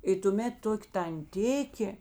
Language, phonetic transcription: Lithuanian, i tuˈmėt ˈtok' tanˈtikė

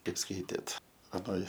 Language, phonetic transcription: Lithuanian, ˈkaip ˈskaitėt aˈnoj

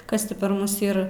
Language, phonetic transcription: Lithuanian, ˈkas ti par ˈmus ˈyr

